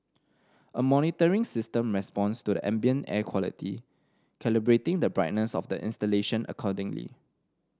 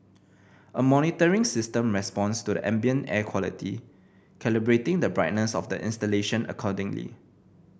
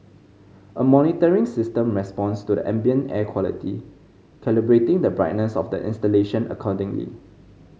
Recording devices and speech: standing microphone (AKG C214), boundary microphone (BM630), mobile phone (Samsung C5010), read sentence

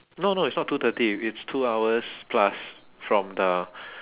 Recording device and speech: telephone, conversation in separate rooms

